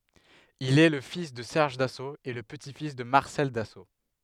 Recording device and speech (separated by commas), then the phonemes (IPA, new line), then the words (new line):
headset microphone, read sentence
il ɛ lə fis də sɛʁʒ daso e lə pəti fis də maʁsɛl daso
Il est le fils de Serge Dassault et le petit-fils de Marcel Dassault.